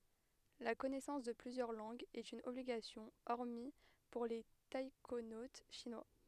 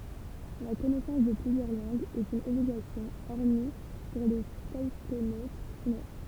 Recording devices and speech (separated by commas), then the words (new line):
headset microphone, temple vibration pickup, read sentence
La connaissance de plusieurs langues est une obligation hormis pour les taïkonautes chinois.